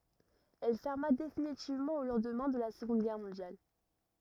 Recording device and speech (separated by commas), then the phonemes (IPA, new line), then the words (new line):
rigid in-ear microphone, read sentence
ɛl fɛʁma definitivmɑ̃ o lɑ̃dmɛ̃ də la səɡɔ̃d ɡɛʁ mɔ̃djal
Elle ferma définitivement au lendemain de la Seconde Guerre mondiale.